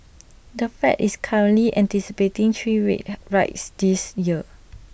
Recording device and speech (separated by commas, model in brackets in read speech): boundary microphone (BM630), read sentence